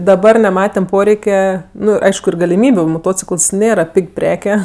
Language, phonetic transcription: Lithuanian, daˈbar neˈmatem ˈporeike ˈnu ˈaišku ir galiˈmybiu moˈtocikəls ˈnėra ˈpig' ˈpreke

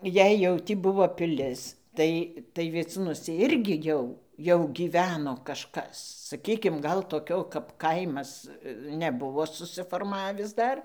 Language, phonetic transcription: Lithuanian, jei jau ˈtį ˈbuvo piˈlis ˈtai tai vieˈcūnuose ˈirgi ˈjau jau gyˈveno kažˈkas saˈkykim ˈgal toˈkio kap ˈkaimas neˈbuvo susiforˈmavis ˈdar

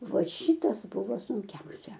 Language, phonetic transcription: Lithuanian, ˈva ˈšytas ˈbuvo sunˈkiausia

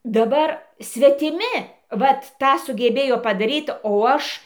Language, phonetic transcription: Lithuanian, daˈbar svetiˈmi ˈvat ˈtą sugeˈbėjo padaˈryt o ˈaš

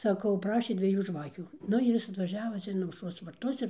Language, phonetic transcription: Lithuanian, saˈkau ˈprašė dvieˈjų ˈžvakių ˈnu ir ˈjis atvaˈžiava ˈcia in aušˈros varˈtus ir

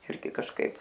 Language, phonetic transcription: Lithuanian, ˈirgi kažˈkaip

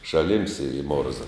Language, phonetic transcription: Lithuanian, šaˈlims ir i ˈmorza

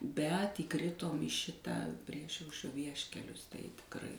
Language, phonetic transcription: Lithuanian, bet įˈkritom į ˈšitą ˈpriešaušrio ˈvieškelius tai tikˈrai

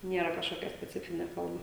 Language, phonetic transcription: Lithuanian, ˈniera kažˈkokia speˈcifinė ˈforma

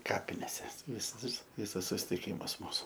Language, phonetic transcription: Lithuanian, ˈkapinėse ˈvis ˈvis ˈvisas susitiˈkimas ˈmūsu

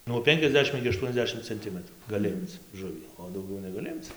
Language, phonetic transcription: Lithuanian, nuo ˈpenkiasˌdešim igi aˈštuoniasˌdešim cenˈtimətrų gaˈli ˈimc ˈžuvį o dauˈgiau negaˈli ˈimc

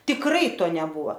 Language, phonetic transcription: Lithuanian, tikˈrai ˈto neˈbūvo

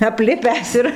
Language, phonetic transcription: Lithuanian, apˈlipęs ir

